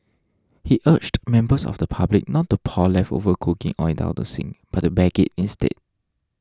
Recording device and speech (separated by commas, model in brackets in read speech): standing microphone (AKG C214), read sentence